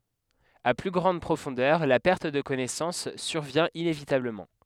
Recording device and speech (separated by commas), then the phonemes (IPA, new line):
headset microphone, read sentence
a ply ɡʁɑ̃d pʁofɔ̃dœʁ la pɛʁt də kɔnɛsɑ̃s syʁvjɛ̃ inevitabləmɑ̃